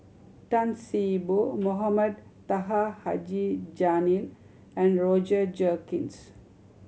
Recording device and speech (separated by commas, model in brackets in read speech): mobile phone (Samsung C7100), read sentence